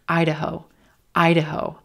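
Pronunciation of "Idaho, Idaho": In 'Idaho', the second syllable is very quick.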